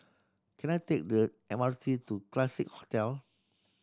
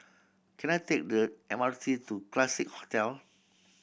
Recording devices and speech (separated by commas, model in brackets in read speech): standing microphone (AKG C214), boundary microphone (BM630), read sentence